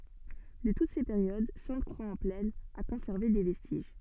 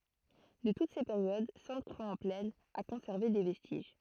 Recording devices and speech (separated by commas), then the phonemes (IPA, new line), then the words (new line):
soft in-ear microphone, throat microphone, read sentence
də tut se peʁjod sɛ̃tkʁwaksɑ̃plɛn a kɔ̃sɛʁve de vɛstiʒ
De toutes ces périodes, Sainte-Croix-en-Plaine a conservé des vestiges.